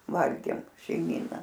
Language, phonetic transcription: Lithuanian, ˈvalgėm šeiˈmyna

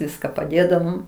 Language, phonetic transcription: Lithuanian, ˈviska paˈdėdavom

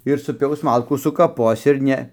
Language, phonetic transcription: Lithuanian, ir suˈpiaus ˈmalkų sukaˈpos ir ˈne

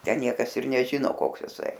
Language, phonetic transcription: Lithuanian, ˈten ˈniekas ir neˈžino ˈkoks iˈsai

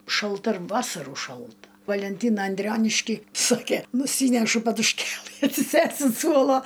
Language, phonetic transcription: Lithuanian, šalˈta ir ˈvasarų ˈšalta valenˈtyna anˈdrionišky ˈsokė nuˈsynešu padušˈkėlɨ atsiˈsėst unt ˈsuolo

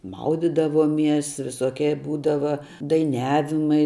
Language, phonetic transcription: Lithuanian, ˈmaudidavoˌmies viˈsokie ˈbūdava daiˈnevimai

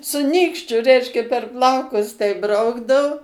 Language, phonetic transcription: Lithuanian, su ˈnykščiu ˈreiškia per ˈplaukus teip ˈbraukdau

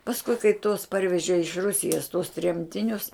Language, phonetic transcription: Lithuanian, pasˈkui kai tuos ˈparvežė iš ˈrusijas tuos ˈtremtinius

